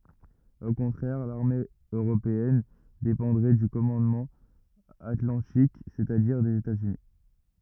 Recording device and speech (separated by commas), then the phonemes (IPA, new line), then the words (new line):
rigid in-ear microphone, read sentence
o kɔ̃tʁɛʁ laʁme øʁopeɛn depɑ̃dʁɛ dy kɔmɑ̃dmɑ̃ atlɑ̃tik sɛt a diʁ dez etaz yni
Au contraire, l'armée européenne dépendrait du commandement atlantique, c'est-à-dire des États-Unis.